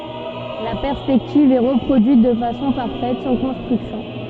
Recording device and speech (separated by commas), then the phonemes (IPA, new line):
soft in-ear microphone, read sentence
la pɛʁspɛktiv ɛ ʁəpʁodyit də fasɔ̃ paʁfɛt sɑ̃ kɔ̃stʁyksjɔ̃